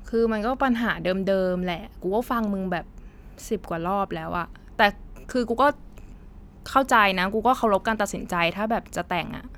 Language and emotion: Thai, frustrated